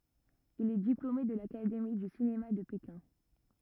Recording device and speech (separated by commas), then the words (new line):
rigid in-ear microphone, read sentence
Il est diplômé de l'académie du cinéma de Pékin.